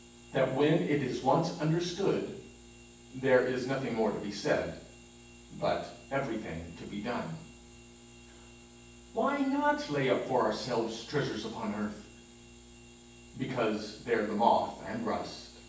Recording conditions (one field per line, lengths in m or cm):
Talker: one person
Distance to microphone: 9.8 m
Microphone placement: far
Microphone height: 1.8 m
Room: large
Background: none